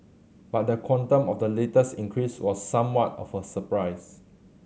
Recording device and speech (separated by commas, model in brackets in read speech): mobile phone (Samsung C7100), read sentence